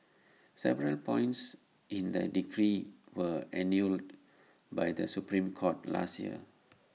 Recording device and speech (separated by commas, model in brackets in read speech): mobile phone (iPhone 6), read sentence